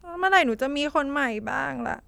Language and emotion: Thai, sad